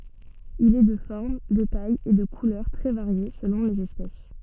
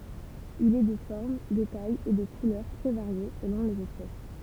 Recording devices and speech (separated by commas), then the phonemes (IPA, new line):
soft in-ear microphone, temple vibration pickup, read sentence
il ɛ də fɔʁm də taj e də kulœʁ tʁɛ vaʁje səlɔ̃ lez ɛspɛs